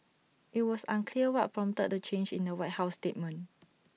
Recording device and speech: mobile phone (iPhone 6), read sentence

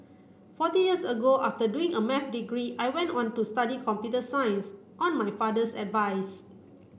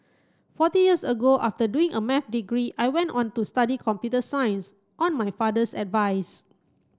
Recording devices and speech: boundary microphone (BM630), close-talking microphone (WH30), read sentence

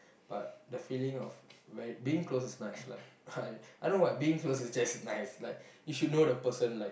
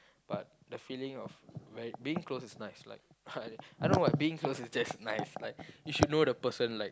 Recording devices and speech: boundary microphone, close-talking microphone, conversation in the same room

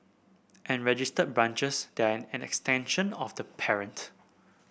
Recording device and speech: boundary microphone (BM630), read sentence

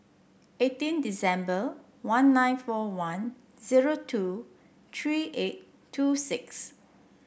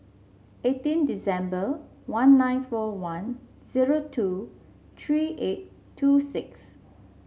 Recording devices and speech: boundary microphone (BM630), mobile phone (Samsung C7), read sentence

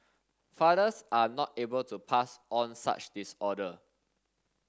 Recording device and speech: standing microphone (AKG C214), read sentence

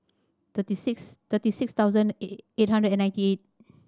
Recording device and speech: standing microphone (AKG C214), read sentence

